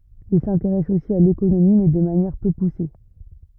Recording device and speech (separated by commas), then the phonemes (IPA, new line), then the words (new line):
rigid in-ear microphone, read sentence
il sɛ̃teʁɛs osi a lekonomi mɛ də manjɛʁ pø puse
Il s'intéresse aussi à l'économie, mais de manière peu poussée.